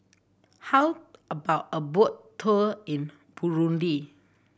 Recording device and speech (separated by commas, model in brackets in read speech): boundary microphone (BM630), read sentence